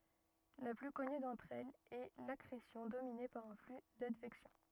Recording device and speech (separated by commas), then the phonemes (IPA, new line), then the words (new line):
rigid in-ear microphone, read sentence
la ply kɔny dɑ̃tʁ ɛlz ɛ lakʁesjɔ̃ domine paʁ œ̃ fly dadvɛksjɔ̃
La plus connue d'entre elles est l'accrétion dominée par un flux d'advection.